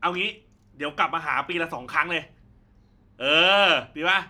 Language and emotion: Thai, happy